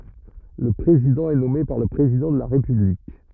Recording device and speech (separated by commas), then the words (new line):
rigid in-ear microphone, read sentence
Le président est nommé par le président de la République.